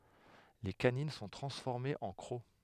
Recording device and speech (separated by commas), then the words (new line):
headset microphone, read sentence
Les canines sont transformées en crocs.